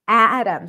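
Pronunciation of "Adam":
In 'atom', the t is a flap t between the two vowels, and the o in the unstressed second syllable is reduced.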